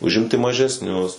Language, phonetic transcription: Lithuanian, užˈimti mažesˈnius

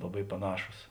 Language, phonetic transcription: Lithuanian, laˈbai paˈnašūs

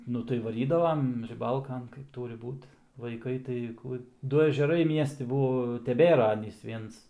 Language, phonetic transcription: Lithuanian, ˈnu tai vaˈrydavam riˈbalkan kaip ˈtūri ˈbūt vaiˈkai tai ˈku ˈdu ežeˈrai ˈmiesti ˈbuo teˈbėra ˈanys ˈviens

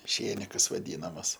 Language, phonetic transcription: Lithuanian, ˈšėnikas vaˈdynamas

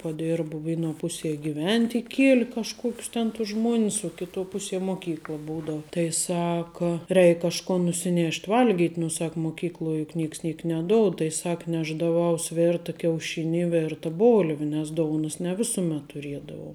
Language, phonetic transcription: Lithuanian, paˈdėrbu ˈvėˌnuo ˈpuˌsie giˈvent' iˈkieli kažˈkuokius ten tus ˈžmuonis uo ˈkiˌtuo ˈpuˌsie ˈmoˌkykla ˈbūdau ˈtai ˈsaka ˈreik kažˈkon nusiˈnėšt' ˈvalgyt' nu ˈsak moˈkykloj juk ˈnėks ˈniek neˈdoud tai ˈsak ˈnešdaˌvaus ˈverta kiauˈšini i ˈverta ˈbolvi nes ˈdounus ne ˈvisumet tuˈriedavau

